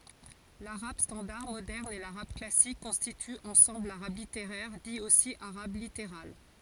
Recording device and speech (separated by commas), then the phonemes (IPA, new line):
forehead accelerometer, read sentence
laʁab stɑ̃daʁ modɛʁn e laʁab klasik kɔ̃stityt ɑ̃sɑ̃bl laʁab liteʁɛʁ di osi aʁab liteʁal